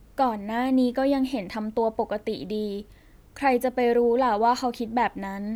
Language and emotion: Thai, neutral